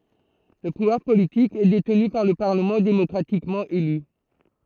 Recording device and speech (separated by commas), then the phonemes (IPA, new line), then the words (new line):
throat microphone, read sentence
lə puvwaʁ politik ɛ detny paʁ lə paʁləmɑ̃ demɔkʁatikmɑ̃ ely
Le pouvoir politique est détenu par le Parlement démocratiquement élu.